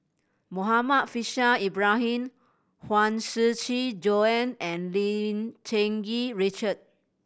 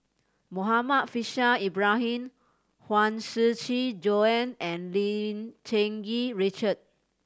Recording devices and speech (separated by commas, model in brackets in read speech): boundary microphone (BM630), standing microphone (AKG C214), read sentence